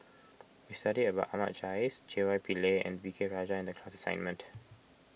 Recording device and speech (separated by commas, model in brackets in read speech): boundary microphone (BM630), read sentence